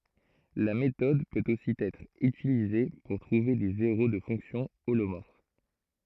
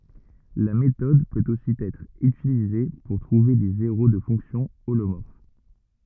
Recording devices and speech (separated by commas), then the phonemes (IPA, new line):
throat microphone, rigid in-ear microphone, read sentence
la metɔd pøt osi ɛtʁ ytilize puʁ tʁuve de zeʁo də fɔ̃ksjɔ̃ olomɔʁf